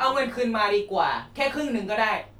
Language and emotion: Thai, angry